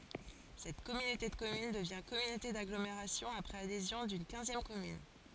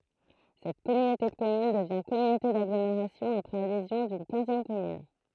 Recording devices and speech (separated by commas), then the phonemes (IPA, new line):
forehead accelerometer, throat microphone, read sentence
sɛt kɔmynote də kɔmyn dəvjɛ̃ kɔmynote daɡlomeʁasjɔ̃ apʁɛz adezjɔ̃ dyn kɛ̃zjɛm kɔmyn